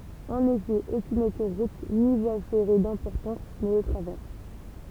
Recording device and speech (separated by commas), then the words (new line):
temple vibration pickup, read sentence
En effet, aucune autoroute ni voie ferrée d'importance ne le traverse.